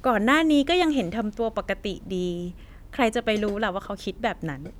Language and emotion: Thai, neutral